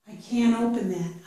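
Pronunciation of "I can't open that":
In 'can't open', nothing is done for the t: the n sound of "can't" moves right into the o sound of 'open'.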